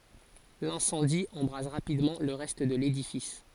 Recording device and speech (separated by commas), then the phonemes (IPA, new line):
forehead accelerometer, read sentence
lɛ̃sɑ̃di ɑ̃bʁaz ʁapidmɑ̃ lə ʁɛst də ledifis